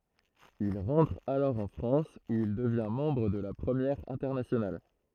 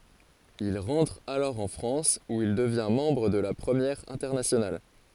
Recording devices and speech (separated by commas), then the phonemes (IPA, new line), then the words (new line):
throat microphone, forehead accelerometer, read sentence
il ʁɑ̃tʁ alɔʁ ɑ̃ fʁɑ̃s u il dəvjɛ̃ mɑ̃bʁ də la pʁəmjɛʁ ɛ̃tɛʁnasjonal
Il rentre alors en France où il devient membre de la Première Internationale.